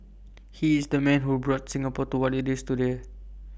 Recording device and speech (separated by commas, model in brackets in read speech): boundary microphone (BM630), read sentence